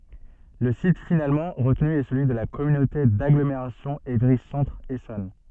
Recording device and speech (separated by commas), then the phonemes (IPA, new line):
soft in-ear microphone, read sentence
lə sit finalmɑ̃ ʁətny ɛ səlyi də la kɔmynote daɡlomeʁasjɔ̃ evʁi sɑ̃tʁ esɔn